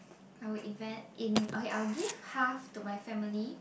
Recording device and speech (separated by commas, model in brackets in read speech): boundary microphone, conversation in the same room